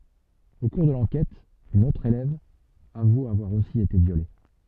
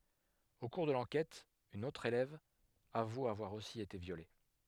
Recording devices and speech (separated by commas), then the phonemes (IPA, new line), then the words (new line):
soft in-ear microphone, headset microphone, read sentence
o kuʁ də lɑ̃kɛt yn otʁ elɛv avu avwaʁ osi ete vjole
Au cours de l'enquête, une autre élève avoue avoir aussi été violée.